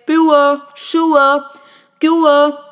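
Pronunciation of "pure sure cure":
'Pure', 'sure' and 'cure' are said with their phonetic pronunciation, using a diphthong, a gliding vowel, rather than the way they are commonly said.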